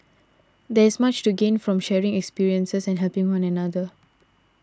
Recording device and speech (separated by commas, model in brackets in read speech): standing microphone (AKG C214), read sentence